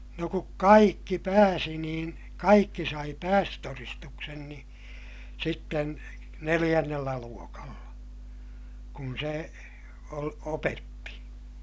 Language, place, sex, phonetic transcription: Finnish, Ilmajoki, male, no kuk kaikki pääsi niin , kaikki sai päästötoristuksen ni , sitten neliʲännellä luokalla , kun se , ol - opetti .
- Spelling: no kun kaikki pääsi niin kaikki sai päästötodistuksen niin sitten neljännellä luokalla kun se - opetti

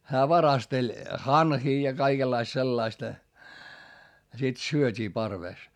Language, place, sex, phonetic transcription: Finnish, Hietamäki, male, hää varasteĺ , hanhii ja kaikellaist sellaistᵃ , ja sit syöt́ii parvès .
- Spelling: hän varasteli hanhia ja kaikenlaista sellaista ja sitten syötiin parvessa

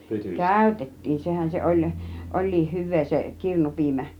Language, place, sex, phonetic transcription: Finnish, Kiihtelysvaara, female, kä̀ytet̀tiin , "sehän se oĺ , "oĺ̆liih 'hyv̆vee se , 'kirnupiimä .
- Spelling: käytettiin sehän se oli olikin hyvää se kirnupiimä

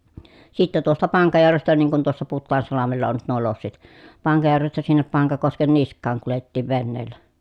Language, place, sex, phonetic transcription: Finnish, Pielisjärvi, female, sitte tuosta Paŋkajärvestä niiŋ kun tuossa Puttaansalamella on nyt nuo lossit , Paŋkajärvestä sinnep Paŋkakosken nisk̆kaaŋ kulettiiv venneellä .
- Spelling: sitten tuosta Pankajärvestä niin kun tuossa Putaansalmella on nyt nuo lossit Pankajärvestä sinne Pankakosken niskaan kuljettiin veneellä

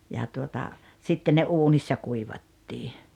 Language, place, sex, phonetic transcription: Finnish, Rautalampi, female, ja tuota , 'sitte ne "uunissa 'kuivattii .
- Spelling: ja tuota sitten ne uunissa kuivattiin

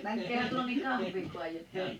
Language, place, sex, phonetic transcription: Finnish, Liperi, female, 'mäŋkkeehän tuonen niŋ "kahvii 'kuajet̆taa .
- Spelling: menkäähän tuonne niin kahvia kaadetaan

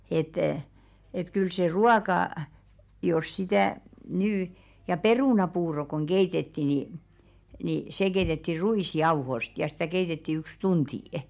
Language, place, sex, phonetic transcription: Finnish, Velkua, female, et , et kyl se "ruaka , jos 'sitä̀ , 'nyy , ja "perùnapuuro koŋ 'ɢeitetti ni , ni 'se keitetti "ru₍ìs'jauhost ja stä̀ 'keitetti yks 'tuntì' .
- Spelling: että että kyllä se ruoka jos sitä nyt ja perunapuuro kun keitettiin niin niin se keitettiin ruisjauhoista ja sitä keitettiin yksi tunti

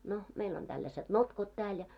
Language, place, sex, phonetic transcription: Finnish, Moloskovitsa, female, no 'meil ‿on tälläseᴅ "notkot 'tääl ja .
- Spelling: no meillä on tällaiset notkot täällä ja

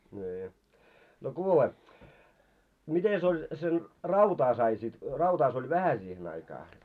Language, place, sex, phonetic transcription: Finnish, Moloskovitsa, male, ńii , no 'kuule , 'mites ‿oĺ sen , 'rautaa sai sit , 'rautaa se ‿oĺ "vähä siihen aikaa .
- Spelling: niin no kuule mitenkäs oli sen rautaa sai sitten rautaa se oli vähän siihen aikaa

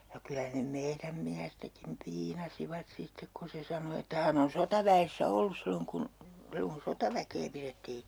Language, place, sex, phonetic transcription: Finnish, Urjala, female, ja 'kylä ne "meiräm miästäkim 'piinasivat 'sittek ku se 'sano että 'hän ‿on "sotavä₍essä 'ollus silloŋ kun , 'silloŋ kun "sotaväkee pirettii .
- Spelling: ja kyllä ne meidän miestäkin piinasivat sitten kun se sanoi että hän on sotaväessä ollut silloin kun silloin kun sotaväkeä pidettiin

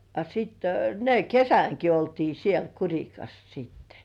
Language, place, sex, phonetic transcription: Finnish, Kurkijoki, female, a sitte , ne "kesäŋki oltii siel 'Kuŕikas siittᴇ .
- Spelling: a sitten ne kesänkin oltiin siellä Kurikassa sitten

